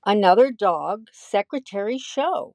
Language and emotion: English, neutral